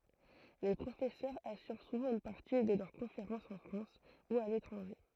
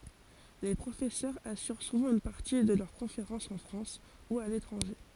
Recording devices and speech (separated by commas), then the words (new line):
throat microphone, forehead accelerometer, read sentence
Les professeurs assurent souvent une partie de leurs conférences en France ou à l'étranger.